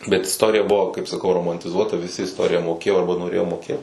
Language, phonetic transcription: Lithuanian, bet isˈtorija ˈbuvo kaip saˈkau romantiˈzuota viˈsi isˈtorija moˈkėjo ˈarba noˈrėjo moˈkėt

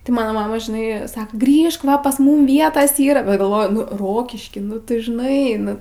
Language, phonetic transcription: Lithuanian, tai ˈmano ˈmama žiˈnai ˈsaka ˈgrįžk ˈva pas ˈmum ˈvietas ˈyra bet galˈvoju ˈrokišky ˈnu tu žiˈnai ˈnu

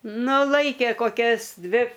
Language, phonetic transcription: Lithuanian, ˈnu ˈlaikė koˈkias ˈdvi

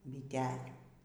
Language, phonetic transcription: Lithuanian, biˈtelių

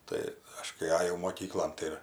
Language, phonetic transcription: Lithuanian, ˈtai ˈaš kai ˈajau moˈkyklon ˈtai ir

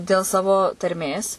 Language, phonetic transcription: Lithuanian, dėl ˈsavo tarˈmės

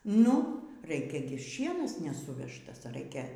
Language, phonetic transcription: Lithuanian, ˈnu ˈraikia gi ˈšienas neˈsuvežtas ˈraikia

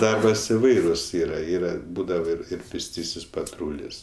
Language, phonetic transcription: Lithuanian, ˈdarbas iˈvairus ˈyra ˈyra ˈbūdava ˈir ir pėsˈtysis paˈtrūlis

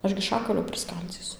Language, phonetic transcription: Lithuanian, ˈaš gi ˈšakalio priˈskaldzysu

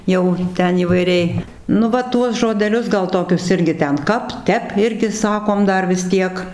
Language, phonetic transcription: Lithuanian, ˈjau ˈten įvaiˈriai nu ˈva ˈtuos žodeˈlius ˈgal ˈtokius ˈirgi ˈten ˈkap ˈtep ˈirgi ˈsakom ˈdar vis ˈtiek

